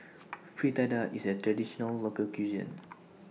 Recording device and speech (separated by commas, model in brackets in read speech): mobile phone (iPhone 6), read sentence